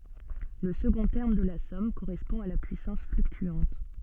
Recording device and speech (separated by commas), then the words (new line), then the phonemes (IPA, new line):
soft in-ear microphone, read sentence
Le second terme de la somme correspond à la puissance fluctuante.
lə səɡɔ̃ tɛʁm də la sɔm koʁɛspɔ̃ a la pyisɑ̃s flyktyɑ̃t